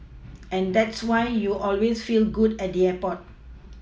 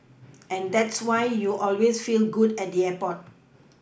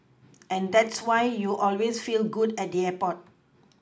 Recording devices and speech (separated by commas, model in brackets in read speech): mobile phone (iPhone 6), boundary microphone (BM630), close-talking microphone (WH20), read sentence